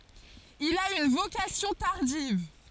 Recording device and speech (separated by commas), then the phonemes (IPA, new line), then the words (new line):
forehead accelerometer, read sentence
il a yn vokasjɔ̃ taʁdiv
Il a une vocation tardive.